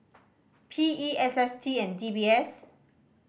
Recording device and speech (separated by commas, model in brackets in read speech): boundary microphone (BM630), read sentence